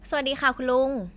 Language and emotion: Thai, happy